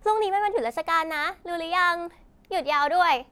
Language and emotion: Thai, happy